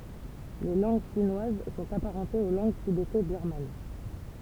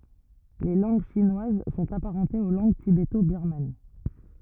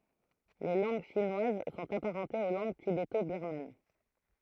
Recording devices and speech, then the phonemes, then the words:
temple vibration pickup, rigid in-ear microphone, throat microphone, read sentence
le lɑ̃ɡ ʃinwaz sɔ̃t apaʁɑ̃tez o lɑ̃ɡ tibeto biʁman
Les langues chinoises sont apparentées aux langues tibéto-birmanes.

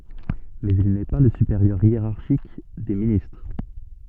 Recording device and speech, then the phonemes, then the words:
soft in-ear microphone, read sentence
mɛz il nɛ pa lə sypeʁjœʁ jeʁaʁʃik de ministʁ
Mais il n'est pas le supérieur hiérarchique des ministres.

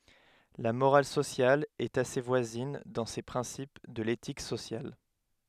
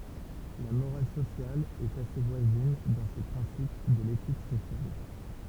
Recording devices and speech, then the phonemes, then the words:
headset microphone, temple vibration pickup, read sentence
la moʁal sosjal ɛt ase vwazin dɑ̃ se pʁɛ̃sip də letik sosjal
La morale sociale est assez voisine dans ses principes de l'éthique sociale.

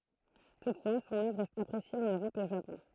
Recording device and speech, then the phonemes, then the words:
throat microphone, read sentence
tutfwa sɔ̃n œvʁ ʁɛst apʁesje ɑ̃n øʁɔp e o ʒapɔ̃
Toutefois son œuvre reste appréciée en Europe et au Japon.

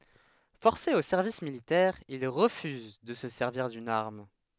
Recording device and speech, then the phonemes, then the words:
headset microphone, read sentence
fɔʁse o sɛʁvis militɛʁ il ʁəfyz də sə sɛʁviʁ dyn aʁm
Forcé au service militaire, il refuse de se servir d'une arme.

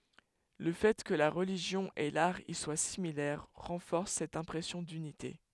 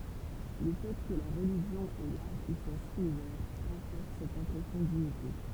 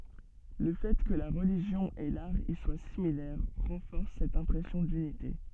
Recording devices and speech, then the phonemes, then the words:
headset microphone, temple vibration pickup, soft in-ear microphone, read sentence
lə fɛ kə la ʁəliʒjɔ̃ e laʁ i swa similɛʁ ʁɑ̃fɔʁs sɛt ɛ̃pʁɛsjɔ̃ dynite
Le fait que la religion et l'art y soient similaires renforce cette impression d'unité.

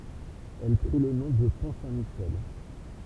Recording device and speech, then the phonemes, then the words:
temple vibration pickup, read sentence
ɛl pʁi lə nɔ̃ də pɔ̃ sɛ̃tmiʃɛl
Elle prit le nom de Pont Saint-Michel.

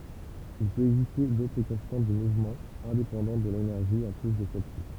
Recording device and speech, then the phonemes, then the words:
temple vibration pickup, read sentence
il pøt ɛɡziste dotʁ kɔ̃stɑ̃t dy muvmɑ̃ ɛ̃depɑ̃dɑ̃t də lenɛʁʒi ɑ̃ ply də sɛl si
Il peut exister d'autres constantes du mouvement indépendantes de l'énergie en plus de celle-ci.

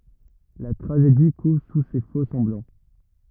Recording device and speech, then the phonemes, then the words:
rigid in-ear microphone, read sentence
la tʁaʒedi kuv su se fokssɑ̃blɑ̃
La tragédie couve sous ces faux-semblants...

